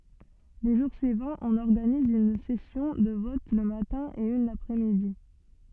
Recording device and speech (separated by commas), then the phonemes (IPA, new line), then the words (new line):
soft in-ear microphone, read sentence
le ʒuʁ syivɑ̃z ɔ̃n ɔʁɡaniz yn sɛsjɔ̃ də vɔt lə matɛ̃ e yn lapʁɛsmidi
Les jours suivants, on organise une session de vote le matin et une l'après-midi.